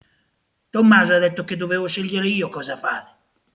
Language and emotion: Italian, angry